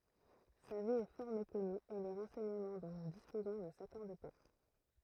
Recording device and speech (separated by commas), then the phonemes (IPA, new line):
throat microphone, read sentence
sa vi ɛ fɔʁ mekɔny e le ʁɑ̃sɛɲəmɑ̃ dɔ̃ nu dispozɔ̃ nə sakɔʁd pa